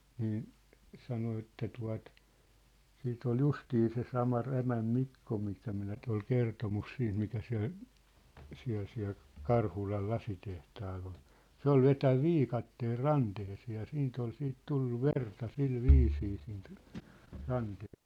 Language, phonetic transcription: Finnish, niin , 'sano että tua̭t , 'siit ‿ol "justii se 'sama 'Rämäm "Mikko mistä minä ny̆t ‿ol 'kertomus 'siint mikä siä̭l , siä̭l siä̭l , "Karhulal 'lasitehtaal ‿ol , "se ‿ol "vetäv "viikatteel "rantehesee ja 'siint ‿ol 'siit 'tullu "verta 'sil "viisii siint , 'rante- .
- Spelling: niin sanoi että tuota sitten oli justiin se sama Rämän Mikko mistä minä nyt oli kertomus siitä mikä siellä siellä siellä Karhulan lasitehtaalla oli se oli vetänyt viikatteella ranteeseen ja siitä oli sitten tullut verta sillä viisiin siitä -

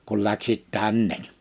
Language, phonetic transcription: Finnish, » kul 'läksit "tännek . «
- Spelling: kun lähti tänne

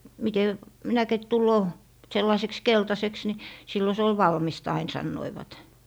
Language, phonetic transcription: Finnish, mite , minäkit 'tulloo , 'sellaⁱseks , "keltaseks ni , 'sillo se ol "valmis't ‿ain 'sannoivat .
- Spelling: miten minäkin tulee sellaiseksi keltaiseksi niin silloin se oli valmista aina sanoivat

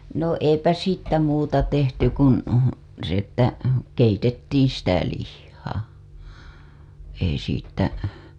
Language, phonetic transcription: Finnish, no 'eipä 'siittä 'muuta tehty kun , s ‿että , keitettiiḭ sitä lihhaa , ei siittä .
- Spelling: no eipä siitä muuta tehty kuin se että keitettiin sitä lihaa ei siitä

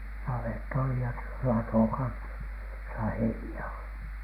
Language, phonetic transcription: Finnish, navett ‿oli ja s- , 'latò kansa , josa "heini₍ä olI .
- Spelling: navetta oli ja - lato kanssa jossa heiniä oli

